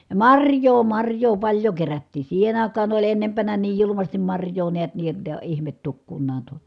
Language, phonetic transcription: Finnish, ja marj̀oo marj̀oo paĺjo kerättii , siihen ‿ài̮k̀aa oĺ ennempänä niij julumastim marj̀oo neät nii [j]otta (èi̮) ihmet tukkunnaan tuo .
- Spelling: ja marjaa marjaa paljon kerättiin siihen aikaan oli ennempänä niin julmasti marjaa näet niin jotta ei ihme tukkunaan tuo

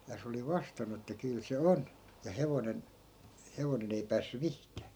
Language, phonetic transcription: Finnish, ja se oli 'vastannu että 'kyl se "on , ja 'hevonen , 'hevonen ‿ei 'päässy "mihkää .
- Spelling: ja se oli vastannut että kyllä se on ja hevonen hevonen ei päässyt mihinkään

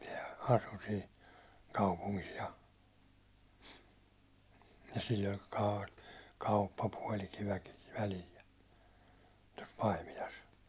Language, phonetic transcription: Finnish, sehän asu sin̬ , 'kaupuŋkis ja , ja sill ‿oĺ ka- , 'kauppapuåli'tyäₒkiv välil ja , tos 'Paimilas .
- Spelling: sehän asui siinä kaupungissa ja ja sillä oli - kauppapuotityökin välillä ja tuossa Paimilassa

